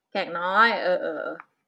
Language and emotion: Thai, neutral